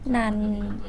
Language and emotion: Thai, neutral